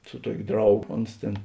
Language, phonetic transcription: Lithuanian, su ˈtuok' ˈdrauˌgo ˈons tėn

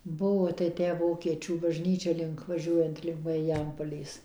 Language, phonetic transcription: Lithuanian, ˈbuo tai ˈtę ˈvokiečių bažˈnyčia ˈlink vaˈžiuojant link mariˈjampolės

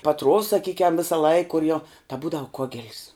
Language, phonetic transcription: Lithuanian, paˈtruovs saˈkykiam visaˈlaik kur jau ta ˈbūdavu ˈkogel's

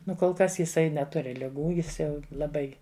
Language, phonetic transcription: Lithuanian, ˈnu kol ˈkas jiˈsai neˈturi liˈgų ˈjis ˈjau laˈbai

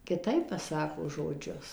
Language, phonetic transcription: Lithuanian, kiˈtaip paˈsako žoˈdžius

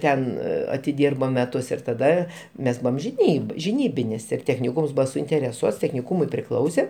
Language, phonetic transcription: Lithuanian, ˈten atiˈdyrbo meˈtus ir taˈda ˈmes ˈbūvam žiˈnyb žiˈnybinis ir techniˈkūms ˈbūva suintereˈsuots techniˈkūmui priˈklause

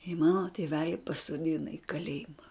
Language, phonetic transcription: Lithuanian, i ˈmano tėˈveli pasoˈdina i kaˈlėjima

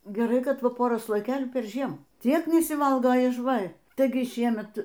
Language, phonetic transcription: Lithuanian, geˈrai kad ˈva ˈpora slojiˈkėlių perˈžiem ˈtiek nesiˈvalga iž ˈva ˈtaigi ˈšiemet

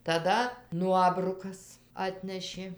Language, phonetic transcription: Lithuanian, taˈda ˈnuobrukas ˈatnešė

